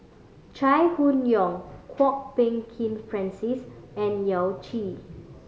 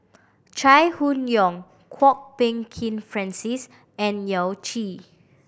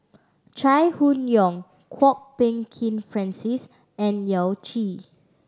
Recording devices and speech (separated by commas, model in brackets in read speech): mobile phone (Samsung C5010), boundary microphone (BM630), standing microphone (AKG C214), read sentence